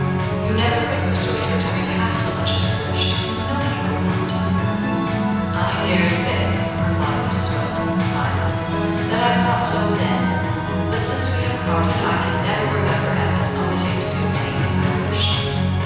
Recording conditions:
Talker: one person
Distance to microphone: 7.1 m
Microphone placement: far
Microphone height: 1.7 m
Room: very reverberant, large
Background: music

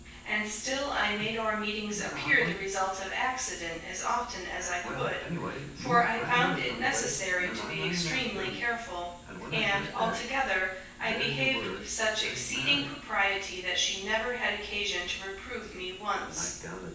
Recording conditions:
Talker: one person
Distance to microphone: 9.8 m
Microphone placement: far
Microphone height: 1.8 m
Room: large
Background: television

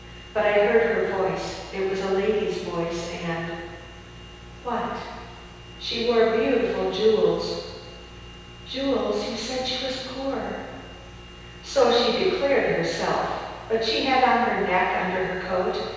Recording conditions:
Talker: one person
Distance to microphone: 7.1 m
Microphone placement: far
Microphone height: 1.7 m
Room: very reverberant, large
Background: none

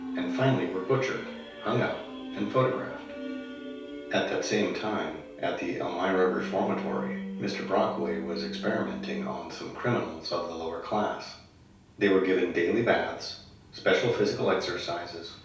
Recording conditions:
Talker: one person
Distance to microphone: 3.0 m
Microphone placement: far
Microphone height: 1.8 m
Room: small (3.7 m by 2.7 m)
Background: music

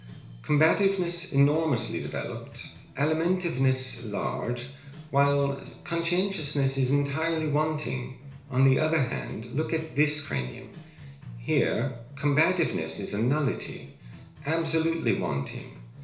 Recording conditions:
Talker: one person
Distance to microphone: 1.0 m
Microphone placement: close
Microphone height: 1.1 m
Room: small (3.7 m by 2.7 m)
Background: music

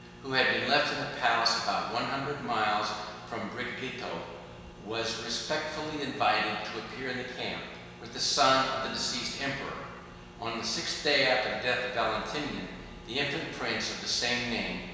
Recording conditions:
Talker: one person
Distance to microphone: 1.7 m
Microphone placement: close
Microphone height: 1.0 m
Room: very reverberant, large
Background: none

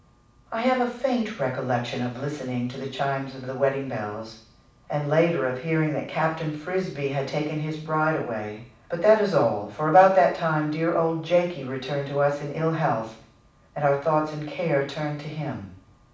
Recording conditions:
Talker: one person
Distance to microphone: 5.8 m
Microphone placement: far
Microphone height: 1.8 m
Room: medium-sized (5.7 m by 4.0 m)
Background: none

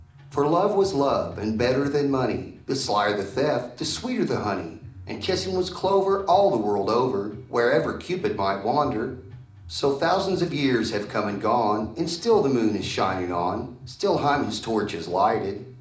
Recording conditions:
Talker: one person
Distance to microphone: 2.0 m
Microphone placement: close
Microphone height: 99 cm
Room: medium-sized (5.7 m by 4.0 m)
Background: music

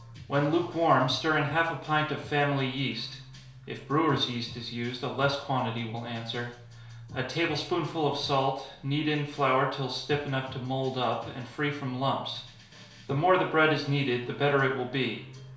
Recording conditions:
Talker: one person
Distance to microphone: 1.0 m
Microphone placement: close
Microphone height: 1.1 m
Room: small (3.7 m by 2.7 m)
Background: music

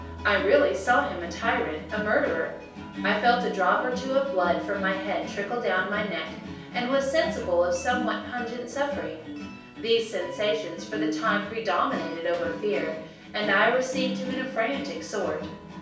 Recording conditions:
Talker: one person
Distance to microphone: 3.0 m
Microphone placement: far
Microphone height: 1.8 m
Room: small (3.7 m by 2.7 m)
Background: music

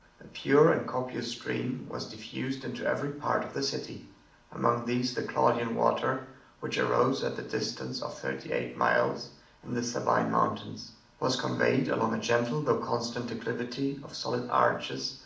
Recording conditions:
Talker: one person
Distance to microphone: 2.0 m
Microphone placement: close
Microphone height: 99 cm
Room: medium-sized (5.7 m by 4.0 m)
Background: none

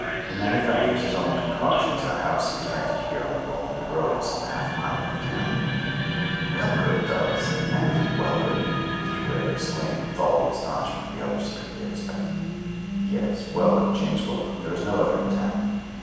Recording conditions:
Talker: one person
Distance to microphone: 7.1 m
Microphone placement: far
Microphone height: 1.7 m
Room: very reverberant, large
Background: television

